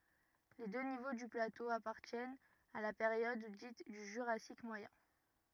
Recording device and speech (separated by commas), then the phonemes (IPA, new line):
rigid in-ear microphone, read sentence
le dø nivo dy plato apaʁtjɛnt a la peʁjɔd dit dy ʒyʁasik mwajɛ̃